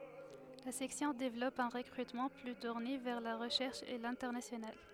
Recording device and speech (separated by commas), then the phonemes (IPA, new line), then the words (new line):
headset microphone, read sentence
la sɛksjɔ̃ devlɔp œ̃ ʁəkʁytmɑ̃ ply tuʁne vɛʁ la ʁəʃɛʁʃ e lɛ̃tɛʁnasjonal
La section développe un recrutement plus tourné vers la recherche et l'international.